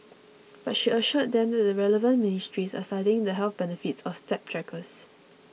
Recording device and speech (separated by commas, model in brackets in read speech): mobile phone (iPhone 6), read sentence